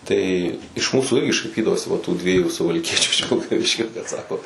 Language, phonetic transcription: Lithuanian, ˈtai iš ˈmūsų ˈirgi šaiˈpydavosi va tų ˈdviejų suvalˈkiečiu iš vilkaˈviškio bet ˈsako

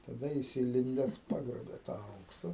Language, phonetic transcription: Lithuanian, taˈda ˈjis įˈlindes ˈpagrobė tą ˈauksa

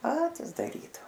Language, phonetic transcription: Lithuanian, ˈpatis daˈrydavo

